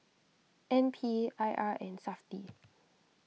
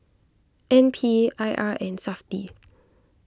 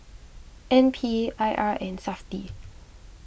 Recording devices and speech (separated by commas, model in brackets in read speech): mobile phone (iPhone 6), close-talking microphone (WH20), boundary microphone (BM630), read sentence